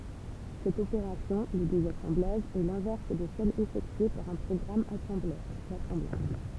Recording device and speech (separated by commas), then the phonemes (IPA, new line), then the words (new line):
temple vibration pickup, read sentence
sɛt opeʁasjɔ̃ lə dezasɑ̃blaʒ ɛ lɛ̃vɛʁs də sɛl efɛktye paʁ œ̃ pʁɔɡʁam asɑ̃blœʁ lasɑ̃blaʒ
Cette opération, le désassemblage, est l'inverse de celle effectuée par un programme assembleur, l'assemblage.